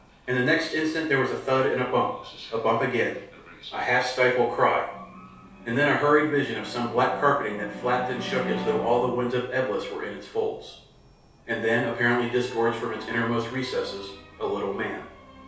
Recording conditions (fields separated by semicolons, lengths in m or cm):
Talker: one person; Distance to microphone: 3.0 m; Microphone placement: far; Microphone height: 1.8 m; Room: small (3.7 m by 2.7 m); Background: television